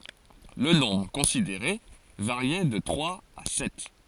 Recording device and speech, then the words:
forehead accelerometer, read sentence
Le nombre considéré variait de trois à sept.

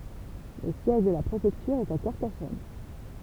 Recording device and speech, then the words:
temple vibration pickup, read sentence
Le siège de la préfecture est à Carcassonne.

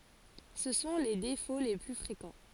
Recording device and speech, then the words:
forehead accelerometer, read sentence
Ce sont les défauts les plus fréquents.

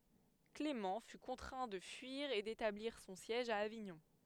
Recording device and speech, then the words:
headset microphone, read sentence
Clément fut contraint de fuir et d'établir son siège à Avignon.

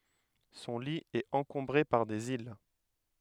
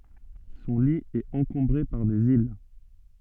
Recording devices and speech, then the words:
headset microphone, soft in-ear microphone, read sentence
Son lit est encombré par des îles.

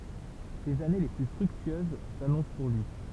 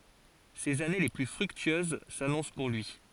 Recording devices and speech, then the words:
temple vibration pickup, forehead accelerometer, read sentence
Ses années les plus fructueuses s'annoncent pour lui.

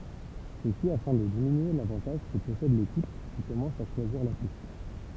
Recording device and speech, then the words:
temple vibration pickup, read sentence
Ceci afin de diminuer l'avantage que possède l'équipe qui commence à choisir l'atout.

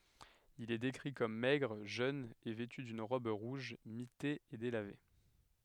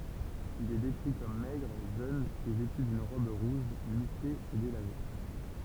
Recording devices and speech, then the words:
headset microphone, temple vibration pickup, read sentence
Il est décrit comme maigre, jeune et vêtu d'une robe rouge mitée et délavée.

